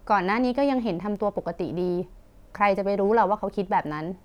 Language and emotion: Thai, neutral